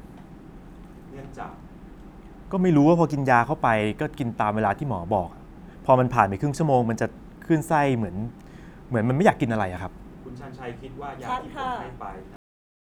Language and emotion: Thai, frustrated